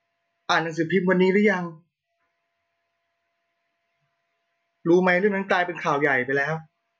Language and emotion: Thai, sad